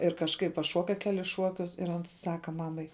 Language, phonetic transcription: Lithuanian, ir kažˈkaip paˈšuoka ˈkelis ˈšuokius ir ˈans ˈsaka ˈmamai

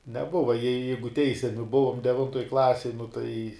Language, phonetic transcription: Lithuanian, neˈbuva jei ˈjeigu ˈteisiami ˈbuvom deˈvintoj ˈklasej nu tai

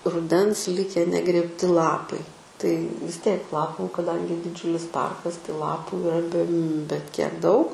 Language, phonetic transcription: Lithuanian, ruˈdens ˈlike negrėbˈti ˈlapai tai vis ˈtiek ˈlapų kaˈdangi diˈdžiulis ˈparkas tai ˈlapų iˈra be bet kiek ˈdaug

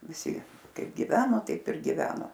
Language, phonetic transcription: Lithuanian, viˈsi ˈkaip giˈveno ˈtaip ir giˈvena

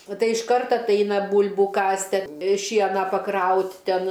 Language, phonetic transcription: Lithuanian, o ˈtai išˈkart atˈaina ˈbūl'bų ˈkasti a ˈšieną paˈkraut' ˈten

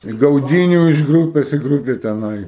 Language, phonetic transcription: Lithuanian, i gauˈdynių iš ˈgrūpes i ˈgrūpe teˈnai

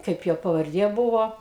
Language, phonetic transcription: Lithuanian, ˈkaip jo pavarˈdie ˈbūvo

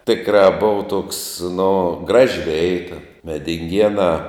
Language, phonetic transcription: Lithuanian, ˈtikrā ˈbuva toks nu ˈgraži ˈveita medinˈgienā

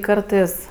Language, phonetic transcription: Lithuanian, ˈkartɜs

